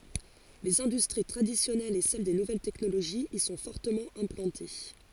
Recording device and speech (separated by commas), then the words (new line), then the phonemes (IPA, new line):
forehead accelerometer, read sentence
Les industries traditionnelles et celles des nouvelles technologies y sont fortement implantées.
lez ɛ̃dystʁi tʁadisjɔnɛlz e sɛl de nuvɛl tɛknoloʒiz i sɔ̃ fɔʁtəmɑ̃ ɛ̃plɑ̃te